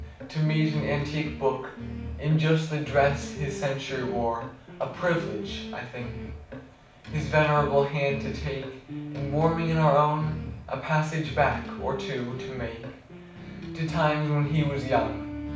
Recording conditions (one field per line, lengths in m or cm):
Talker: one person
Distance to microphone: 5.8 m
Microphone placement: far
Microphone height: 1.8 m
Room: medium-sized (5.7 m by 4.0 m)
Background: music